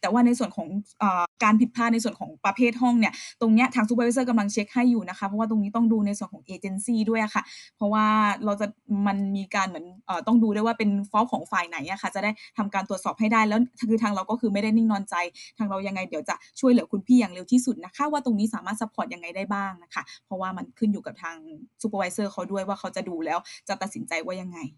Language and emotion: Thai, neutral